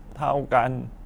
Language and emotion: Thai, sad